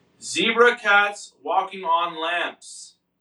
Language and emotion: English, neutral